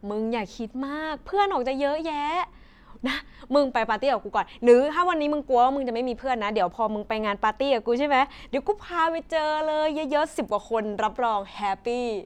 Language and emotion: Thai, happy